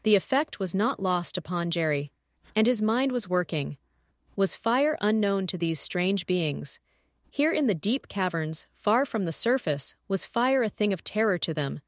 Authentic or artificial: artificial